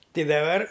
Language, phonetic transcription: Lithuanian, ˈti daˈbar

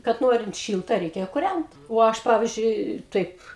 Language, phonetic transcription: Lithuanian, kad ˈnorint ˈšylta ˈreikia kurænt o ˈaš ˈpavizdžiui ˈtaip

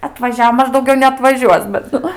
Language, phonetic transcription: Lithuanian, atvaˈžiavo ˈmaž dauˈgiau neatvaˈžiuos bet ˈnu

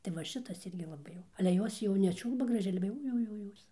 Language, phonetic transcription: Lithuanian, tai va ˈšitas ˈirgi laˈbai jau ale ˈjos jau neˈčiūlba graˈžiai ˈale jau jau jau ˈjos

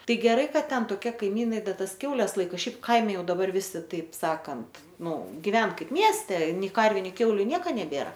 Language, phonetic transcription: Lithuanian, ˈtai geˈrai ˈkad ˈten toˈkie kaiˈmynai ˈda ˈtas ˈkiaules ˈlaika ˈšiaip ˈkaime ˈjau daˈbar ˈvisi ˈtaip ˈsakant ˈnu giˈven ˈkaip ˈmieste ˈnei ˈkarviu ˈnei ˈkiauliu ˈnieka neˈbėra

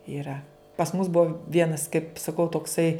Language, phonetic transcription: Lithuanian, iˈra pas mus ˈbuo ˈvienas kaip saˈkau tokˈsai

